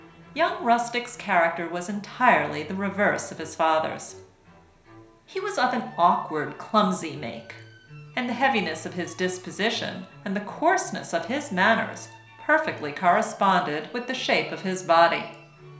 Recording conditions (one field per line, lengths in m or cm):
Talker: one person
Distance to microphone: 1.0 m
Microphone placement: close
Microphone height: 1.1 m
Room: small (3.7 m by 2.7 m)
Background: music